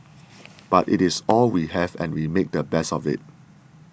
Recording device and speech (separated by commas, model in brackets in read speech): boundary microphone (BM630), read sentence